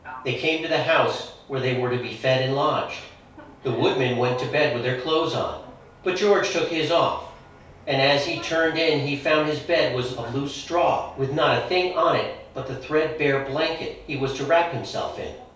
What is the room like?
A small room (about 3.7 m by 2.7 m).